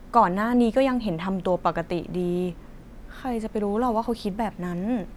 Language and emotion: Thai, frustrated